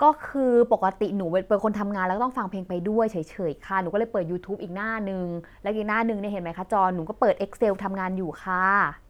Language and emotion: Thai, frustrated